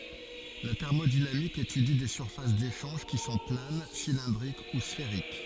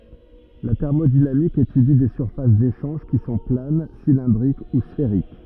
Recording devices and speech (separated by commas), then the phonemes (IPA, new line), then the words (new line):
forehead accelerometer, rigid in-ear microphone, read sentence
la tɛʁmodinamik etydi de syʁfas deʃɑ̃ʒ ki sɔ̃ plan silɛ̃dʁik u sfeʁik
La thermodynamique étudie des surfaces d'échange qui sont planes, cylindriques ou sphériques.